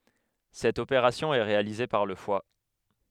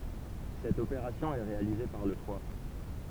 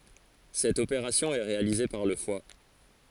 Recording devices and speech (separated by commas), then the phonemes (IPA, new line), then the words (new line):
headset microphone, temple vibration pickup, forehead accelerometer, read sentence
sɛt opeʁasjɔ̃ ɛ ʁealize paʁ lə fwa
Cette opération est réalisée par le foie.